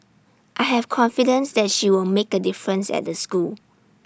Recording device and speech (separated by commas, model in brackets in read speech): standing microphone (AKG C214), read sentence